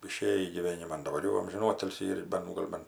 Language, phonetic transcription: Lithuanian, iˈšėjį gyˈvėniman daˈbar jau amžinˈotilsį ir ˈben ˈgol' ˈben

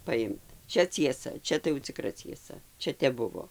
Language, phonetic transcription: Lithuanian, paˈimt ˈčia cieˈsa ˈčia tai jau ciˈkra cieˈsa ˈčia ˈtep ˈbuvo

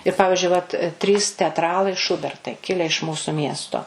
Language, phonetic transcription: Lithuanian, ir ˈpavižiui vat ˈtrys teatˈralai ˈšubertai ˈkile iš ˈmūsu ˈmiesto

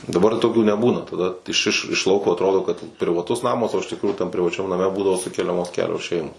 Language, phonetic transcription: Lithuanian, daˈbar toˈkių neˈbūna taˈda iš iš iš ˈlauko atˈrodo kad privaˈtus ˈnamas o iš tikˈrųjų tam privaˈčiam naˈme ˈbūdavo ˈsukeliamos ˈkelios ˈšeimos

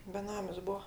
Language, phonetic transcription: Lithuanian, beˈnamis ˈbuo

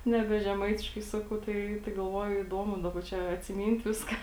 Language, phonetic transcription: Lithuanian, neˈbe žeˈmaitiškai ˈsakau ˈtai tai galˈvoju įˈduomu ˈdaˌba ˈčia atsiˈmyn't' ˈviska

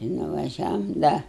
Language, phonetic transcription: Lithuanian, i nuvaˈžiavom ˈda

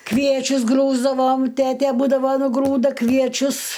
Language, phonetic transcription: Lithuanian, ˈkviečius ˈgrūsdavom ˈtete ˈbūdava nuˈgrūda kvieˈčius

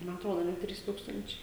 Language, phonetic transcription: Lithuanian, ma atˈrodo a ˈne ˈtrys ˈtūkstančiai

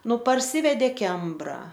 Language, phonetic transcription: Lithuanian, ˈnu parˈsyvedė ˈkembra

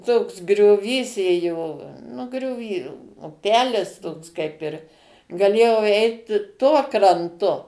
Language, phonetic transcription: Lithuanian, toks grioˈvys ˈėjo nu grioˈvy uˈpelis toks ˈkaip ir gaˈlėjau ˈeit ˈtuo kranˈtu

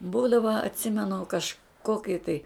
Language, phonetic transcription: Lithuanian, ˈbūdava atˈsimenu kažˈkoki tai

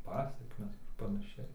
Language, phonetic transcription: Lithuanian, ˈpasekmes ar panaˈšiai

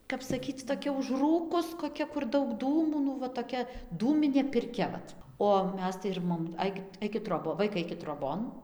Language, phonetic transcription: Lithuanian, kap saˈkyc toˈkia užˈrūkus koˈkia kur ˈdaug ˈdūmų nu va toˈkia ˈdūminė pirˈkia ˈvat o ˈmes tai ir ˈmom ˈaikit ˈaikit ˈtrobo ˈvaikai ˈaikit troˈbon

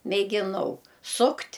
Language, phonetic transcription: Lithuanian, mėgiˈnau ˈsukt'

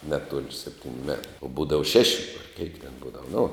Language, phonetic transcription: Lithuanian, ˈneˌtuol' ˈseptiniu met o ˈbūdava ˈšeši ar keik ten ˈbūdava nu

